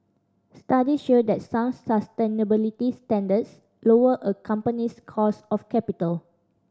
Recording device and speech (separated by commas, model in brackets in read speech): standing microphone (AKG C214), read sentence